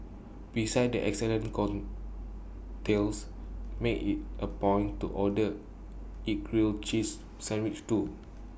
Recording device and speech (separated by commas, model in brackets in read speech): boundary microphone (BM630), read sentence